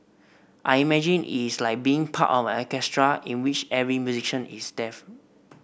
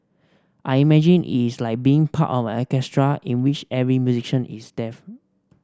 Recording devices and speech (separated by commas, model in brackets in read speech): boundary microphone (BM630), standing microphone (AKG C214), read sentence